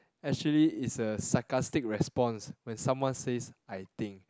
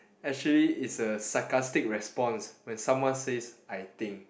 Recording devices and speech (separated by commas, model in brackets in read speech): close-talking microphone, boundary microphone, conversation in the same room